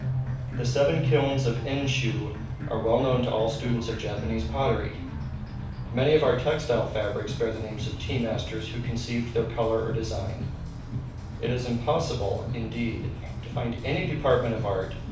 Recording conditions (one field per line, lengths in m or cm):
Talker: one person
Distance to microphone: 5.8 m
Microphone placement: far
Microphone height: 1.8 m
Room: medium-sized (5.7 m by 4.0 m)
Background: music